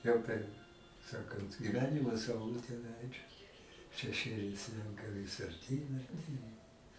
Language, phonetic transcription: Lithuanian, ˈjau per ˈsakant giˈvenimo sauˈlutė ˈleidžas šeˈšėliai ˈslenka vis arˈtyn arˈtyn

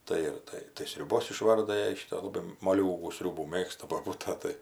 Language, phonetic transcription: Lithuanian, ˈtai ir ˈtai tai sriuˈbos iˈšvarda ˈjai ˈšyto laˈbai moˈliūgų ˈsriūbų ˈmėgsta boˈbūta ˈtai

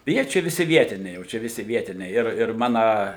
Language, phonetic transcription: Lithuanian, ˈjie ˈčia viˈsi ˈvietiniai ˈjau čia viˈsi ˈvietiniai ir ir ˈmana

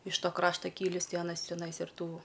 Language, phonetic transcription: Lithuanian, iš ˈto ˈkrašta ˈkylįs ˈtai aˈnas teˈnais ir ˈtų

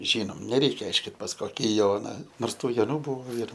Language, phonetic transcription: Lithuanian, ˈžynom neˈreikia ˈaiškit pas ˈkoki ˈjona ˈnors ˈtų joˈnų ˈbūvo ir

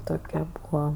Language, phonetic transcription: Lithuanian, ˈtokia ˈbūa

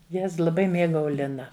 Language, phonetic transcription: Lithuanian, ˈjez laˈbai ˈmėgau ˈlina

